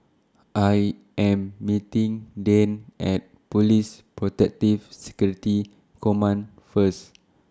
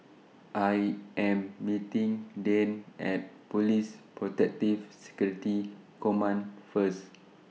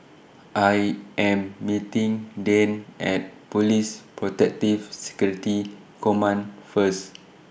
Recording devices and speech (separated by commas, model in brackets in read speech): standing microphone (AKG C214), mobile phone (iPhone 6), boundary microphone (BM630), read sentence